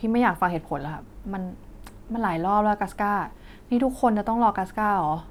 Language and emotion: Thai, frustrated